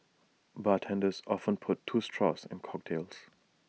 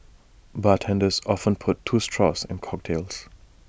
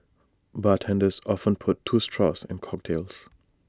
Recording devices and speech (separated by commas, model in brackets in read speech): mobile phone (iPhone 6), boundary microphone (BM630), standing microphone (AKG C214), read sentence